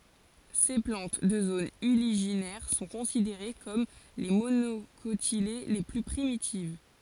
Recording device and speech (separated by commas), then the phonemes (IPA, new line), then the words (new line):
forehead accelerometer, read sentence
se plɑ̃t də zonz yliʒinɛʁ sɔ̃ kɔ̃sideʁe kɔm le monokotile le ply pʁimitiv
Ces plantes de zones uliginaires sont considérées comme les monocotylées les plus primitives.